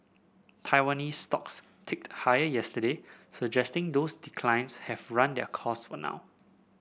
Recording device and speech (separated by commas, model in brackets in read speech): boundary microphone (BM630), read sentence